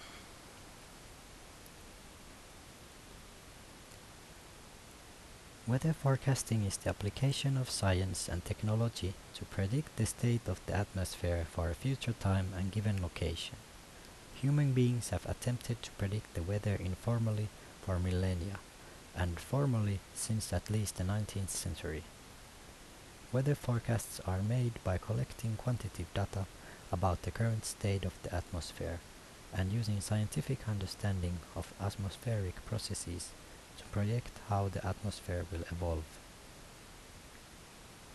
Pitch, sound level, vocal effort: 100 Hz, 73 dB SPL, soft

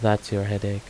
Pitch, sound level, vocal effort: 100 Hz, 79 dB SPL, soft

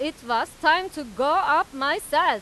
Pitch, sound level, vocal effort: 300 Hz, 101 dB SPL, very loud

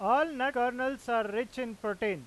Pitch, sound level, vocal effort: 240 Hz, 99 dB SPL, loud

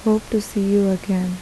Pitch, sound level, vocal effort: 200 Hz, 78 dB SPL, soft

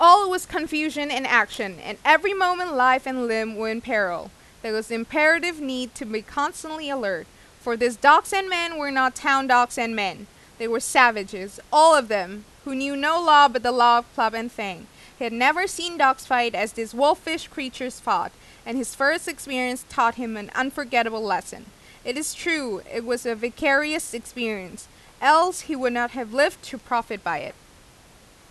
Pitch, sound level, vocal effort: 255 Hz, 93 dB SPL, very loud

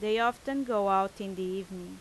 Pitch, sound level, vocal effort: 200 Hz, 89 dB SPL, loud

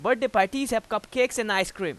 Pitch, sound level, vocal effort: 230 Hz, 96 dB SPL, very loud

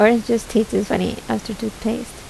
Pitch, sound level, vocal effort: 225 Hz, 76 dB SPL, soft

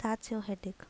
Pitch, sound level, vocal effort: 215 Hz, 74 dB SPL, soft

